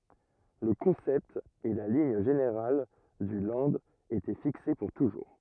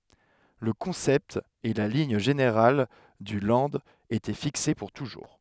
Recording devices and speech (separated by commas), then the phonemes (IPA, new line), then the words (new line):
rigid in-ear microphone, headset microphone, read sentence
lə kɔ̃sɛpt e la liɲ ʒeneʁal dy lɑ̃d etɛ fikse puʁ tuʒuʁ
Le concept et la ligne générale du Land étaient fixés pour toujours.